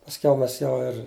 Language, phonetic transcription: Lithuanian, pasˈkiau ˈmes ˈjau ir

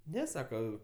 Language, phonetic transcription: Lithuanian, ˈne ˈsaka

